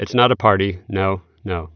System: none